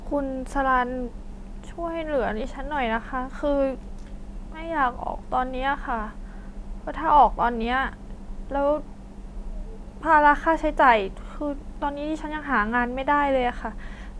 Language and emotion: Thai, frustrated